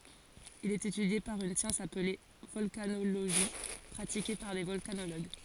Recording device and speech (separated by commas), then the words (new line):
forehead accelerometer, read sentence
Il est étudié par une science appelée volcanologie pratiquée par des volcanologues.